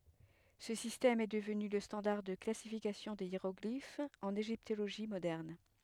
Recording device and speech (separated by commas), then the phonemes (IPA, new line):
headset microphone, read sentence
sə sistɛm ɛ dəvny lə stɑ̃daʁ də klasifikasjɔ̃ de jeʁɔɡlifz ɑ̃n eʒiptoloʒi modɛʁn